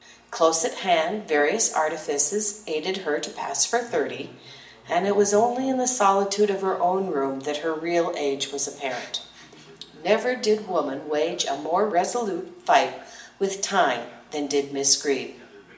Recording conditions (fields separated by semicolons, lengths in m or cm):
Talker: one person; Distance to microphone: 1.8 m; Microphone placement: close; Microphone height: 1.0 m; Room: large; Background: television